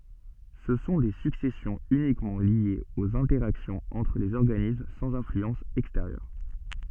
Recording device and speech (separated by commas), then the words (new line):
soft in-ear microphone, read sentence
Ce sont des successions uniquement liées aux interactions entre les organismes sans influence extérieure.